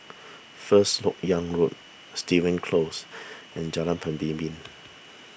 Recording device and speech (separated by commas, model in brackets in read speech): boundary microphone (BM630), read sentence